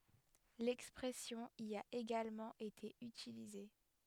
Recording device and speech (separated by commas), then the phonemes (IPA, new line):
headset microphone, read sentence
lɛkspʁɛsjɔ̃ i a eɡalmɑ̃ ete ytilize